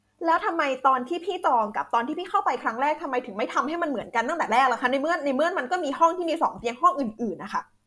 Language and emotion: Thai, angry